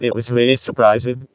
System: VC, vocoder